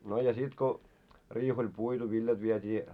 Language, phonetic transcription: Finnish, no ja 'sit ko , 'riih oĺ 'puitu viljat viet́ii ,.
- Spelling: no ja sitten kun riihi oli puitu viljat vietiin

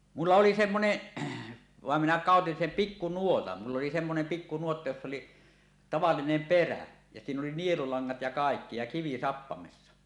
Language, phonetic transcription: Finnish, 'mulla 'oli "semmoneˀ , 'vàem minä kàotin sem "pikkunuotan , mull ‿oli semmonem 'pikkunuotta joss ‿oli , 'tavallinem "perä , ja 'siin ‿oli "nielulaŋŋat ja 'kàekki ja 'kivi "sappamessa .
- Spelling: minulla oli semmoinen vaan minä käytin sen pikkunuotan minulla oli semmoinen pikkunuotta jossa oli tavallinen perä ja siinä oli nielulangat ja kaikki ja kivi sappamessa

